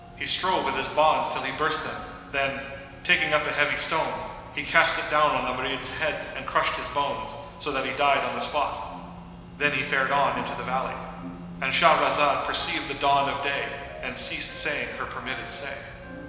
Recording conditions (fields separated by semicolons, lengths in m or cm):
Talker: one person; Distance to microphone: 1.7 m; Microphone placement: close; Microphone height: 1.0 m; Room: very reverberant, large; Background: music